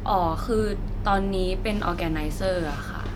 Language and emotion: Thai, neutral